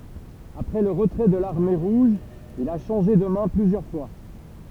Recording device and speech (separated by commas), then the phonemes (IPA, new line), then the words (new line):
temple vibration pickup, read sentence
apʁɛ lə ʁətʁɛ də laʁme ʁuʒ il a ʃɑ̃ʒe də mɛ̃ plyzjœʁ fwa
Après le retrait de l'Armée rouge, il a changé de mains plusieurs fois.